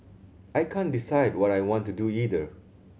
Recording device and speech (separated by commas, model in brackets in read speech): mobile phone (Samsung C7100), read sentence